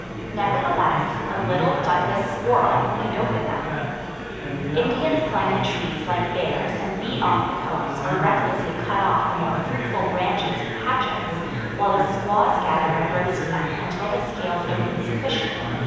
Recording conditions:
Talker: one person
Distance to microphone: 7.1 m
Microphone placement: far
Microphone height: 1.7 m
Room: very reverberant, large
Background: babble

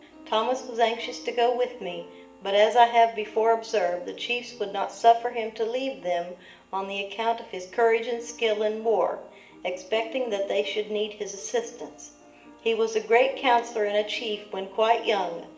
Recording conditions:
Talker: one person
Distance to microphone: 1.8 m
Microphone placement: close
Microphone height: 1.0 m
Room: large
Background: music

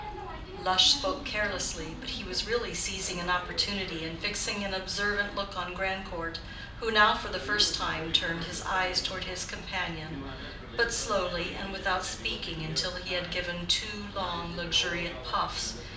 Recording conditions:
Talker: one person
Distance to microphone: 2.0 m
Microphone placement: close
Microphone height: 99 cm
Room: medium-sized (5.7 m by 4.0 m)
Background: television

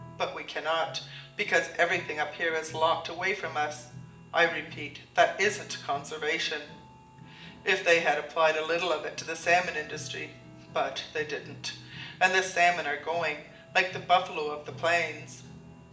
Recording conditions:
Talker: one person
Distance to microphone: 1.8 m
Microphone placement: close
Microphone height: 1.0 m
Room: large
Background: music

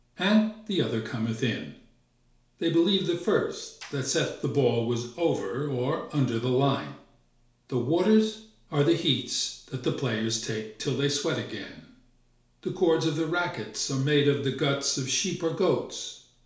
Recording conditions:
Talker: one person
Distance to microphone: 1.0 m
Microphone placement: close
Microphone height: 1.1 m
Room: small (3.7 m by 2.7 m)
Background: none

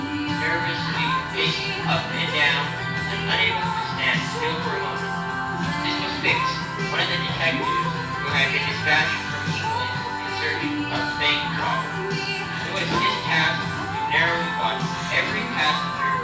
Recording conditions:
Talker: one person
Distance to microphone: 9.8 m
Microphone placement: far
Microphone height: 1.8 m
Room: large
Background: music

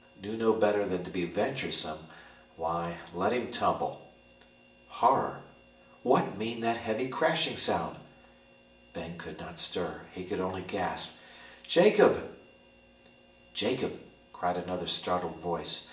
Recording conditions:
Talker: one person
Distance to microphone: 1.8 m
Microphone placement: close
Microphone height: 1.0 m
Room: large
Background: none

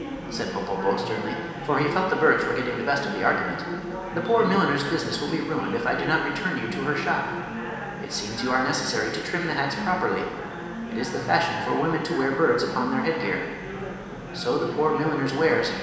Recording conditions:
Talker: one person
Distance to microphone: 1.7 m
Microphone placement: close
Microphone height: 1.0 m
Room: very reverberant, large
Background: babble

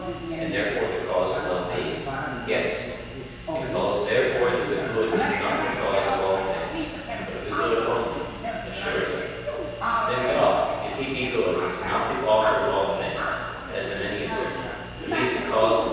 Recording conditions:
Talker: one person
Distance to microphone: 7.1 m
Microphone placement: far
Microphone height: 1.7 m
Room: very reverberant, large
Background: television

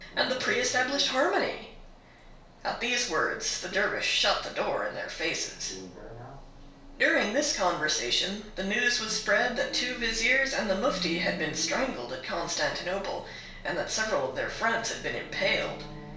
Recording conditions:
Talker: one person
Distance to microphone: 1.0 m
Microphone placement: close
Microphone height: 1.1 m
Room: small (3.7 m by 2.7 m)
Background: television

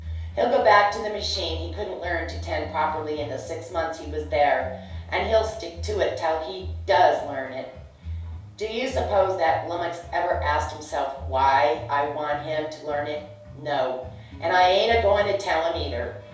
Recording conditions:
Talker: one person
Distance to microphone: 3.0 m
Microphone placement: far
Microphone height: 1.8 m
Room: small (3.7 m by 2.7 m)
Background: music

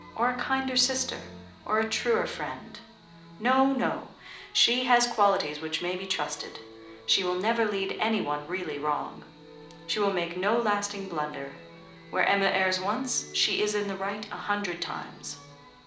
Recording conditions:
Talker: one person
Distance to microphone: 2.0 m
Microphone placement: close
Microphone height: 99 cm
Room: medium-sized (5.7 m by 4.0 m)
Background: music

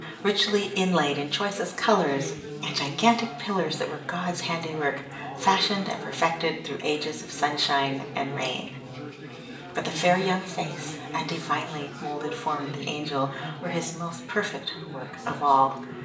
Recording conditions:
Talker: one person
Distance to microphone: 1.8 m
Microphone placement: close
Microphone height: 1.0 m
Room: large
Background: babble

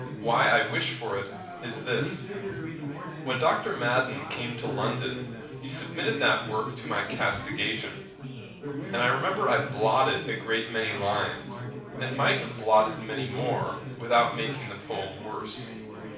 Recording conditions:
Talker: one person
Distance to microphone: 5.8 m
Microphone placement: far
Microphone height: 1.8 m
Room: medium-sized (5.7 m by 4.0 m)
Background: babble

